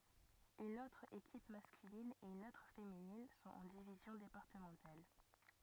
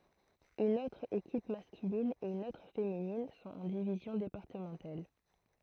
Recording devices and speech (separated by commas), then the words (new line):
rigid in-ear microphone, throat microphone, read sentence
Une autre équipe masculine et une autre féminine sont en divisions départementales.